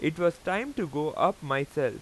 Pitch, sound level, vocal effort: 170 Hz, 92 dB SPL, very loud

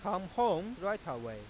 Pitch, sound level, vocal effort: 190 Hz, 97 dB SPL, loud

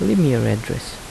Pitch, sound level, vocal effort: 115 Hz, 78 dB SPL, soft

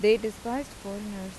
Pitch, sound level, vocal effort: 210 Hz, 88 dB SPL, normal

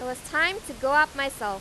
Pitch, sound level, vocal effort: 275 Hz, 98 dB SPL, very loud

